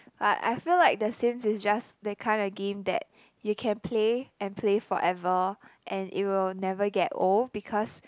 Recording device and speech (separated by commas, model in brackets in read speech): close-talking microphone, conversation in the same room